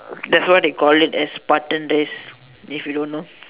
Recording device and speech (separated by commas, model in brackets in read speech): telephone, conversation in separate rooms